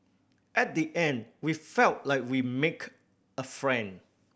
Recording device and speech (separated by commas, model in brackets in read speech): boundary microphone (BM630), read sentence